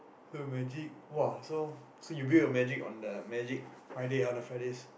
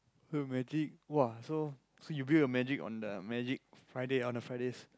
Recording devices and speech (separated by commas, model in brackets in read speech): boundary microphone, close-talking microphone, conversation in the same room